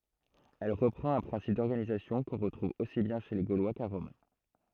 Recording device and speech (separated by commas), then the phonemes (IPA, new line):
throat microphone, read sentence
ɛl ʁəpʁɑ̃t œ̃ pʁɛ̃sip dɔʁɡanizasjɔ̃ kɔ̃ ʁətʁuv osi bjɛ̃ ʃe le ɡolwa ka ʁɔm